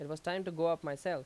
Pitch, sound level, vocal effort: 165 Hz, 89 dB SPL, loud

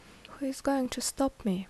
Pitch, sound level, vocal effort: 265 Hz, 72 dB SPL, soft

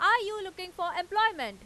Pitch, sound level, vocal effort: 370 Hz, 100 dB SPL, very loud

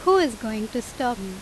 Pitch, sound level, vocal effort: 245 Hz, 87 dB SPL, loud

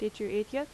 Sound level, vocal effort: 83 dB SPL, normal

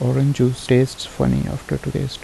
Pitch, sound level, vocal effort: 125 Hz, 75 dB SPL, soft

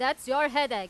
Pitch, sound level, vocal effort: 280 Hz, 100 dB SPL, very loud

